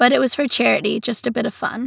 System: none